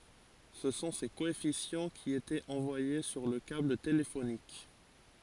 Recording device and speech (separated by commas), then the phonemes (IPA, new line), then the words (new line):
forehead accelerometer, read sentence
sə sɔ̃ se koɛfisjɑ̃ ki etɛt ɑ̃vwaje syʁ lə kabl telefonik
Ce sont ces coefficients qui étaient envoyés sur le câble téléphonique.